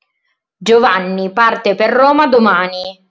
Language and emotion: Italian, angry